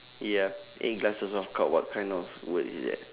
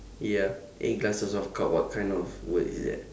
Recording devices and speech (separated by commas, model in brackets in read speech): telephone, standing microphone, conversation in separate rooms